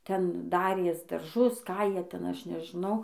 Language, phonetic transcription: Lithuanian, ˈten ˈdarės darˈžus ˈką ˈjie ˈten ˈaš nežiˈnau

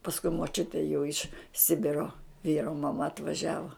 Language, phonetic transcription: Lithuanian, pasˈkui moˈčiutė jau iš ˈsibiro ˈvyro maˈma atvaˈžiavo

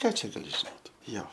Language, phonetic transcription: Lithuanian, ˈką čia gaˈli žiˈnot ˈjo

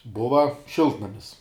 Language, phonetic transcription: Lithuanian, ˈbuva ˈšiltnamis

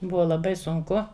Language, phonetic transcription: Lithuanian, ˈbuva laˈbai sunˈku

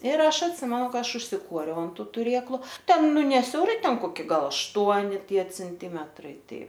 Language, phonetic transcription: Lithuanian, ir ˈaš atˈsimenu ˈka ˈaš užsiˈkuoriau an ˈtu tuˈrėklu ˈten ˈnu ne siauˈrai ˈten koˈki ˈgal ašˈtuoni ˈtie cenˈtymetrai ˈtai

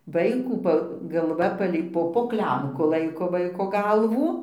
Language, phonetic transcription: Lithuanian, ˈvaikų ˈpa galˈva ˈpalei ˈpo po ˈklemku ˈlaiko ˈvaiko ˈgalvų

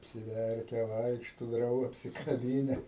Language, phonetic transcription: Lithuanian, apsiˈverke ˈvaikšto ˈdrauga apsikaˈbyne

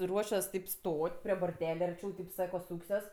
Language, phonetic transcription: Lithuanian, ˈruošiuos taip ˈstot' prie borˈtele arˈčiau taip ˈsako ˈsūksiuos

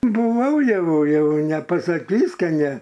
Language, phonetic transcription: Lithuanian, buˈvau ˈjau ˈjau nepasaˈkys' ka ˈne

